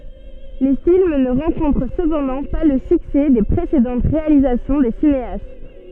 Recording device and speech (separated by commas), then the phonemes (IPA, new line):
soft in-ear microphone, read sentence
le film nə ʁɑ̃kɔ̃tʁ səpɑ̃dɑ̃ pa lə syksɛ de pʁesedɑ̃t ʁealizasjɔ̃ de sineast